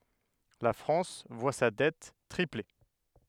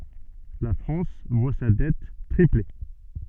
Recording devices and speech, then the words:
headset microphone, soft in-ear microphone, read sentence
La France voit sa dette tripler.

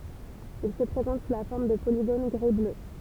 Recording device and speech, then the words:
temple vibration pickup, read sentence
Il se présente sous la forme de polygones gris-bleu.

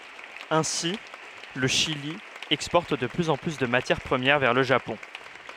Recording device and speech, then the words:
headset microphone, read sentence
Ainsi, le Chili exporte de plus en plus de matières premières vers le Japon.

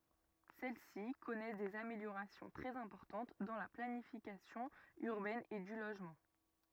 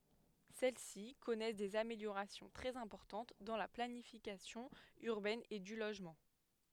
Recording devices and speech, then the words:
rigid in-ear microphone, headset microphone, read sentence
Celles-ci connaissent des améliorations très importantes dans la planification urbaine et du logement.

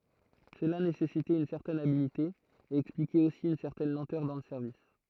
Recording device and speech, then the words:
throat microphone, read sentence
Cela nécessitait une certaine habileté, et expliquait aussi une certaine lenteur dans le service.

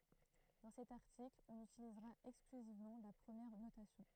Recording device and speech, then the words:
throat microphone, read sentence
Dans cet article, on utilisera exclusivement la première notation.

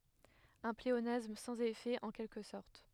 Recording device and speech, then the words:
headset microphone, read sentence
Un pléonasme sans effet, en quelque sorte.

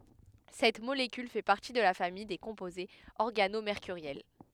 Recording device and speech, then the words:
headset microphone, read sentence
Cette molécule fait partie de la famille des composés organomércuriels.

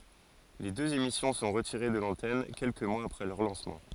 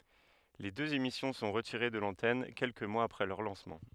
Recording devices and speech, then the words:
forehead accelerometer, headset microphone, read sentence
Les deux émissions sont retirées de l'antenne quelques mois après leur lancement.

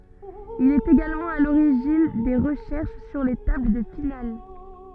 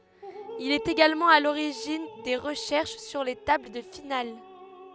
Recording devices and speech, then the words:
soft in-ear microphone, headset microphone, read sentence
Il est également à l'origine des recherches sur les tables de finales.

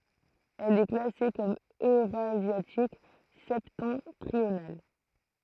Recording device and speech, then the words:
throat microphone, read sentence
Elle est classée comme eurasiatique septentrional.

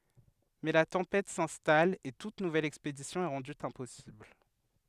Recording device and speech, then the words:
headset microphone, read sentence
Mais la tempête s'installe et toute nouvelle expédition est rendue impossible.

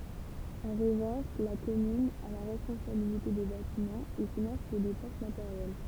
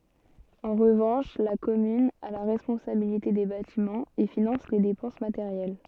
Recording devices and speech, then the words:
temple vibration pickup, soft in-ear microphone, read sentence
En revanche, la commune a la responsabilité des bâtiments, et finance les dépenses matérielles.

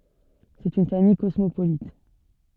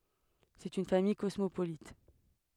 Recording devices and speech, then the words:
soft in-ear microphone, headset microphone, read sentence
C'est une famille cosmopolite.

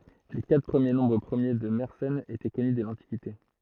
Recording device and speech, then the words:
throat microphone, read sentence
Les quatre premiers nombres premiers de Mersenne étaient connus dès l'Antiquité.

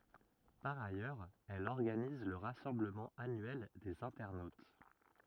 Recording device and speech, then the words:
rigid in-ear microphone, read sentence
Par ailleurs, elle organise le rassemblement annuel des internautes.

